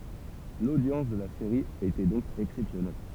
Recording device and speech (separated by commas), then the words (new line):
temple vibration pickup, read sentence
L'audience de la série était donc exceptionnelle.